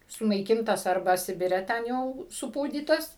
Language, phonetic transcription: Lithuanian, sunaiˈkintas ˈarba ˈsibire ˈten jau suˈpūdytas

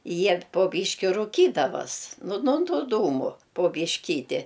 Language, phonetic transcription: Lithuanian, ˈjie po ˈbyški ruˈkydavas ˈnu no ˈtų ˈdūmu po byšˈkyti

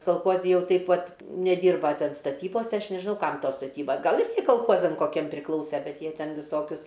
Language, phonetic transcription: Lithuanian, kalˈchuozi ˈjau ˈteip ˈvat neˈdyrba ˈten staˈtybose ˈaš nežiˈnau ˈkam ˈtos staˈtybas ˈgal ir kolˈchozam koˈkiem priˈklause ˈbet ˈjie ˈten viˈsokius

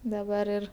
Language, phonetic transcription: Lithuanian, daˈbar ir

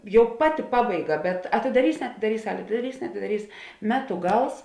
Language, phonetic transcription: Lithuanian, ˈjau ˈpaˌti ˈpabaiˌga bet atidaˈrys neatidaˈrys ˈsalė atidaˈrys neatidaˈrys ˈmetu ˈgals

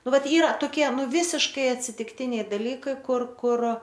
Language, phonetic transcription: Lithuanian, ˈnu ˈvat ˈyra toˈkie ˈnu ˈvysiškai atsitikˈtiniai daˈlykai ˈkur ˈkur

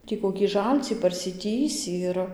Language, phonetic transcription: Lithuanian, ˈtį kokį ˈžalcį parsiˈtįsį ir

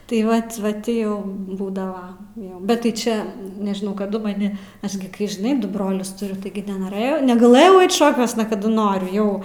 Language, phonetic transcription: Lithuanian, tai ˈvat va ˈtį jau ˈbūdava ˈjo bet tai ˈčia nežiˈnau kaˈdu maˈni ˈaš gi kai žiˈnai ˈdu ˈbrolius tuˈriu ˈtaigi nenoˈrɘjau negaˈlɘjau ˈait ˈšokiuosna kaˈdu ˈnoriu ˈjau

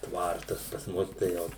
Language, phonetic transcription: Lithuanian, ˈtvartas pas ˈmus tai ˈjau

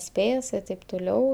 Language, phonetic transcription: Lithuanian, ˈspės i taip tuˈliau

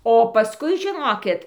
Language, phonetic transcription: Lithuanian, o paˈskui žiˈnokit

